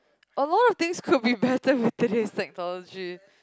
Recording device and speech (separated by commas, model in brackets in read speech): close-talking microphone, conversation in the same room